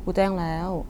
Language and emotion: Thai, frustrated